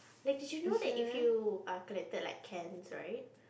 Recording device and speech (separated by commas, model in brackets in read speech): boundary microphone, conversation in the same room